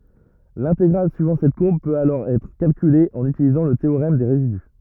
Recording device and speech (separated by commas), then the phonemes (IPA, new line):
rigid in-ear microphone, read sentence
lɛ̃teɡʁal syivɑ̃ sɛt kuʁb pøt alɔʁ ɛtʁ kalkyle ɑ̃n ytilizɑ̃ lə teoʁɛm de ʁezidy